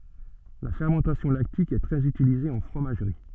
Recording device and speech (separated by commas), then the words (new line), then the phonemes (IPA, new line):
soft in-ear microphone, read sentence
La fermentation lactique est très utilisée en fromagerie.
la fɛʁmɑ̃tasjɔ̃ laktik ɛ tʁɛz ytilize ɑ̃ fʁomaʒʁi